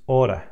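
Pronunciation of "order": This is the relaxed pronunciation of 'ought to', said as 'oughta', not as two separate words.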